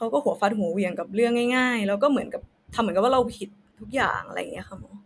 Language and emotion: Thai, frustrated